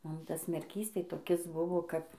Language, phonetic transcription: Lithuanian, ˈmum ˈtas merˈkys tai toˈkis ˈbuvo ˈkap

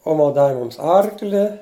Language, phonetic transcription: Lithuanian, ˈoma ˈdavi ˈmums ˈarkli

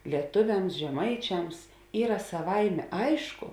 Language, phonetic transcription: Lithuanian, lieˈtuviams žeˈmaičiams ˈyra saˈvaimė ˈaišku

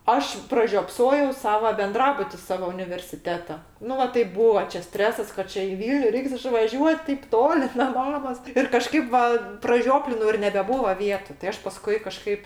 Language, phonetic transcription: Lithuanian, ˈaš pražiopˈsojau ˈsava benˈdrabuti ˈsavo universiˈteto ˈnu ˈva tai ˈbūa čia ˈstresas kad ˈčia i ˈvylniu ˈreiks išvaˈžiuot tėp ˈtoli na ˈmamos ir kaˈžkaip va praˈžioplinau ir nebeˈbūva ˈvietu tai ˈaš paˈskui kaˈžkaip

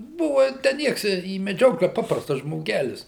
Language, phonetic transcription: Lithuanian, ˈbuva tę ˈnieks į meˈdžioklę ˈpaprastas žmoˈgelis

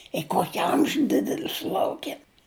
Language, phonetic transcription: Lithuanian, i ˈkoki ˈamžiu ˈdideli suˈlaukėm

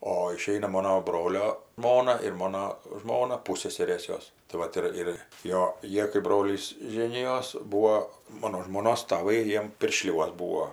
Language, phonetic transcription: Lithuanian, o iˈšeina ˈmono ˈbrolio ˈžmona ir ˈmono ˈžmona ˈpusseserės ˈjos tai ˈvat ir ir ˈjo ˈjie kai ˈbrolys ˈžėnijos ˈbūo ˈmono žmˈonos taˈvai ˈjiem pirˈšliuos ˈbūo

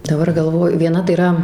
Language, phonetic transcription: Lithuanian, daˈbar galˈvoju vieˈna tai yˈra

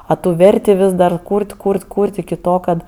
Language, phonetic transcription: Lithuanian, a ˈtų ˈverti ˈvis dar ˈkūrt' ˈkūrt' ˈkūrt' iki ˈto ˈkad

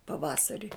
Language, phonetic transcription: Lithuanian, paˈvasari

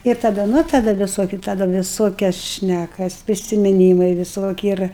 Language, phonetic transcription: Lithuanian, ir taˈda ˈnu taˈda viˈsoki taˈda viˈsokias ˈšnækas prisimiˈnymai viˈsoki ˈir

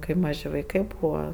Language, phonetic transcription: Lithuanian, ˈkai ˈmaži vaiˈkai ˈbūva

